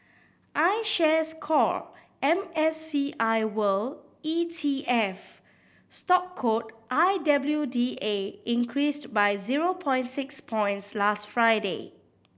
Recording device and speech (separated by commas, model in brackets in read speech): boundary microphone (BM630), read sentence